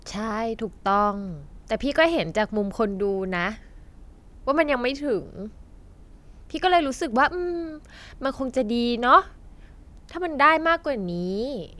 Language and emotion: Thai, neutral